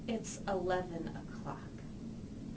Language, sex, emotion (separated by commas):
English, female, disgusted